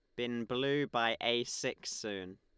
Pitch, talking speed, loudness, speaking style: 120 Hz, 165 wpm, -35 LUFS, Lombard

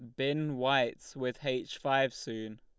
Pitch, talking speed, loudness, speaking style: 130 Hz, 150 wpm, -33 LUFS, Lombard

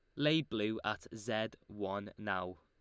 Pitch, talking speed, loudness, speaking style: 105 Hz, 150 wpm, -38 LUFS, Lombard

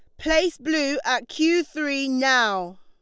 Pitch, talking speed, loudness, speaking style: 280 Hz, 135 wpm, -22 LUFS, Lombard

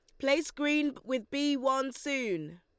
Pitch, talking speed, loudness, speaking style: 275 Hz, 150 wpm, -31 LUFS, Lombard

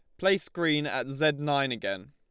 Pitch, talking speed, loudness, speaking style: 150 Hz, 190 wpm, -28 LUFS, Lombard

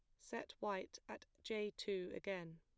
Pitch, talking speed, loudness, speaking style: 195 Hz, 150 wpm, -47 LUFS, plain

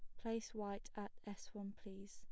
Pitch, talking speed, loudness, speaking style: 205 Hz, 190 wpm, -49 LUFS, plain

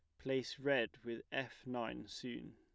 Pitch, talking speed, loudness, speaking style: 125 Hz, 155 wpm, -42 LUFS, plain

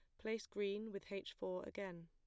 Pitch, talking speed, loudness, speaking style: 200 Hz, 195 wpm, -46 LUFS, plain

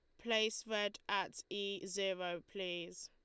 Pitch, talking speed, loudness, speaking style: 195 Hz, 125 wpm, -40 LUFS, Lombard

